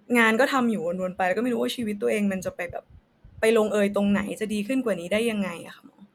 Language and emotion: Thai, frustrated